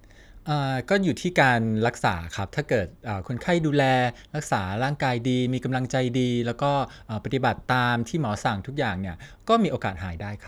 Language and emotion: Thai, neutral